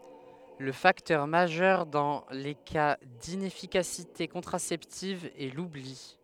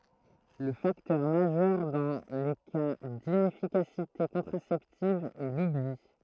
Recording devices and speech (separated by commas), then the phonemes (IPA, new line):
headset microphone, throat microphone, read sentence
lə faktœʁ maʒœʁ dɑ̃ le ka dinɛfikasite kɔ̃tʁasɛptiv ɛ lubli